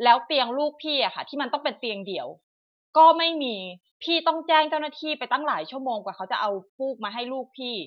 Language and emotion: Thai, angry